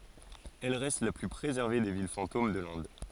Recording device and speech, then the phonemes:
forehead accelerometer, read sentence
ɛl ʁɛst la ply pʁezɛʁve de vil fɑ̃tom də lɛ̃d

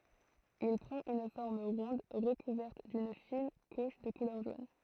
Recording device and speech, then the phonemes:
throat microphone, read sentence
il pʁɑ̃t yn fɔʁm ʁɔ̃d ʁəkuvɛʁt dyn fin kuʃ də kulœʁ ʒon

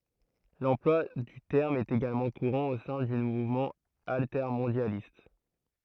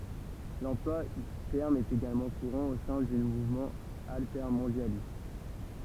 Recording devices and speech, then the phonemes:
throat microphone, temple vibration pickup, read sentence
lɑ̃plwa dy tɛʁm ɛt eɡalmɑ̃ kuʁɑ̃ o sɛ̃ dy muvmɑ̃ altɛʁmɔ̃djalist

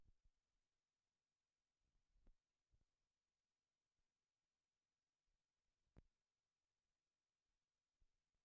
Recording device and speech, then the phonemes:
rigid in-ear microphone, read sentence
la siklizasjɔ̃ ɛt yn ʁeaksjɔ̃ ʃimik pɛʁmɛtɑ̃ dɔbtniʁ œ̃ siklɔalkan a paʁtiʁ dœ̃n alkan

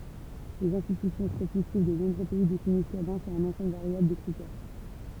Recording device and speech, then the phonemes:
temple vibration pickup, read sentence
lez ɛ̃stity statistik də nɔ̃bʁø pɛi definis lyʁbɛ̃ syʁ œ̃n ɑ̃sɑ̃bl vaʁjabl də kʁitɛʁ

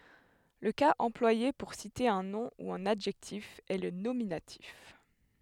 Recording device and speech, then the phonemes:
headset microphone, read sentence
lə kaz ɑ̃plwaje puʁ site œ̃ nɔ̃ u œ̃n adʒɛktif ɛ lə nominatif

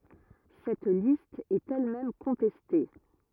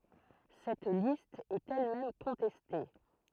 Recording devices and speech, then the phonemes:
rigid in-ear microphone, throat microphone, read sentence
sɛt list ɛt ɛl mɛm kɔ̃tɛste

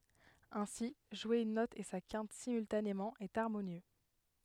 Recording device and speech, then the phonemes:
headset microphone, read sentence
ɛ̃si ʒwe yn nɔt e sa kɛ̃t simyltanemɑ̃ ɛt aʁmonjø

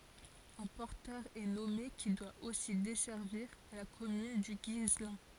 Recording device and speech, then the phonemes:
forehead accelerometer, read sentence
œ̃ pɔʁtœʁ ɛ nɔme ki dwa osi dɛsɛʁviʁ la kɔmyn dy ɡislɛ̃

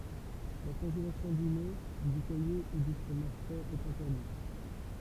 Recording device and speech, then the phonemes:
temple vibration pickup, read sentence
la kɔ̃ʒelasjɔ̃ dy lɛ dy kaje u dy fʁomaʒ fʁɛz ɛt ɛ̃tɛʁdit

